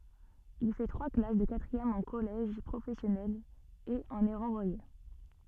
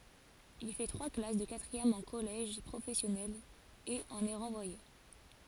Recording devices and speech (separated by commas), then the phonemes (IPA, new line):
soft in-ear microphone, forehead accelerometer, read sentence
il fɛ tʁwa klas də katʁiɛm ɑ̃ kɔlɛʒ pʁofɛsjɔnɛl e ɑ̃n ɛ ʁɑ̃vwaje